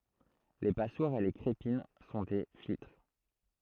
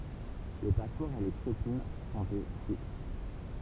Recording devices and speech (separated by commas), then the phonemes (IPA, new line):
throat microphone, temple vibration pickup, read sentence
le paswaʁz e le kʁepin sɔ̃ de filtʁ